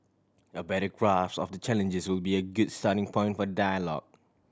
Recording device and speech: standing microphone (AKG C214), read sentence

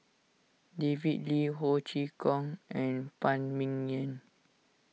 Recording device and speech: mobile phone (iPhone 6), read sentence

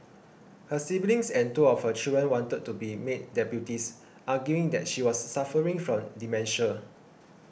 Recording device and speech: boundary microphone (BM630), read sentence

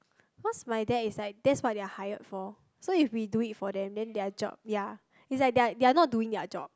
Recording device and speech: close-talking microphone, conversation in the same room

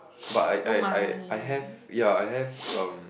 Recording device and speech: boundary microphone, conversation in the same room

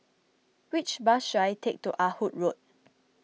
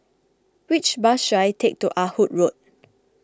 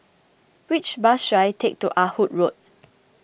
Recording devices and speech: mobile phone (iPhone 6), close-talking microphone (WH20), boundary microphone (BM630), read sentence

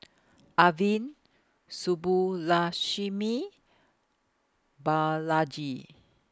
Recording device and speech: close-talking microphone (WH20), read sentence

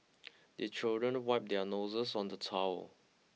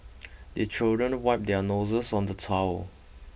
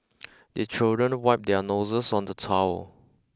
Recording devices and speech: mobile phone (iPhone 6), boundary microphone (BM630), close-talking microphone (WH20), read sentence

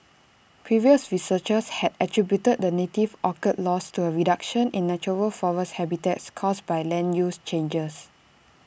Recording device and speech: boundary microphone (BM630), read sentence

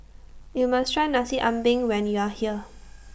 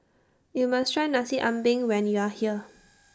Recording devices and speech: boundary microphone (BM630), standing microphone (AKG C214), read sentence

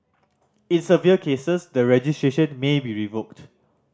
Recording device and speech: standing microphone (AKG C214), read sentence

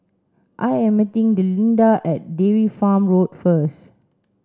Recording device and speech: standing microphone (AKG C214), read sentence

